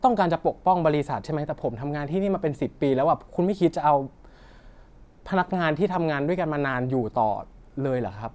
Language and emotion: Thai, frustrated